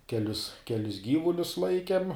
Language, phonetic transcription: Lithuanian, keˈlius keˈlis ˈgyvulius ˈlaikem

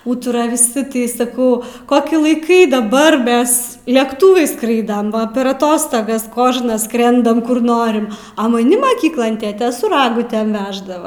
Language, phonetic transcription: Lithuanian, ˈūtura viˈsi ˈtai saˈkau ˈkoki laiˈkai daˈbar ˈmes lekˈtūvais ˈskraidam va per aˈtostogas ˈkožnas ˈskrendam kur ˈnorim a maˈni maˈkyklon ˈtėtė su ˈragutem ˈveždava

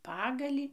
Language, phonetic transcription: Lithuanian, ˈpagalį

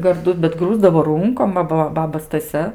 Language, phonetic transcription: Lithuanian, garˈdu bet ˈgrūsdavo ˈrūnkom ˈva ba ˈbaba staˈsia

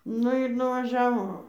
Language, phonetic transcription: Lithuanian, ˈnu ir nuvaˈžiavo

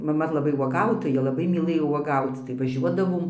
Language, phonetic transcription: Lithuanian, maˈma laˈbai uoˈgautoja ˈlabai myˈlɘjo uoˈgauc tai vaˈžiuodavom

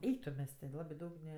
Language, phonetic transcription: Lithuanian, ˈeik tu ˈmes ti ˈlabi ˈdaug ne

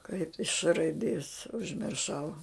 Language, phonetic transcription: Lithuanian, kaip iš š raiˈdės užmirˈšau

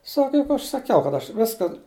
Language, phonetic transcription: Lithuanian, ˈsaka ˈjuk ˈaš saˈkiau kad ˈaš ˈviska

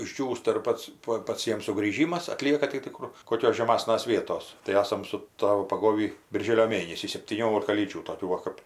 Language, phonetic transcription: Lithuanian, išˈdžiūsta ir ˈpats ˈpa ˈpats ˈjiem sugrįˈžymas aˈtlieka tai ti ˈkur koˈkios žeˈmasnas ˈvietos tai ˈasam su ˈtavu paˈgovį birˈžėlio ˈmėnesį septyˈniolika lyˈdžių toˈkių ˈva kap

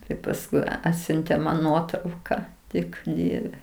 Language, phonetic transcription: Lithuanian, ˈtai pasˈkui ˈatsiuntė man ˈnuotrauka ˈtik ˈdieve

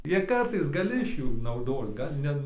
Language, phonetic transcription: Lithuanian, ˈjie ˈkartais gaˈli iš ˈjų nauˈdos ˈgal' ne

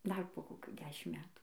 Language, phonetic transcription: Lithuanian, dar po koˈkių ˈdešim ˈmetų

